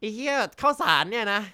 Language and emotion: Thai, frustrated